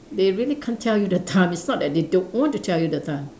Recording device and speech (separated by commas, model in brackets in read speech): standing microphone, conversation in separate rooms